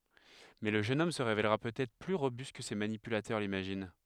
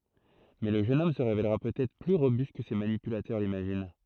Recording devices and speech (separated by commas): headset microphone, throat microphone, read sentence